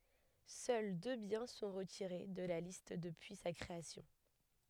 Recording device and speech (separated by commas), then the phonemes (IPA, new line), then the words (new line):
headset microphone, read sentence
sœl dø bjɛ̃ sɔ̃ ʁətiʁe də la list dəpyi sa kʁeasjɔ̃
Seuls deux biens sont retirés de la liste depuis sa création.